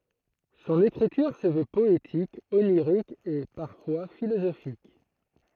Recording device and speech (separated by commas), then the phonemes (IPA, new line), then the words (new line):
throat microphone, read sentence
sɔ̃n ekʁityʁ sə vø pɔetik oniʁik e paʁfwa filozofik
Son écriture se veut poétique, onirique et, parfois, philosophique.